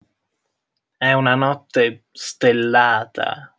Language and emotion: Italian, disgusted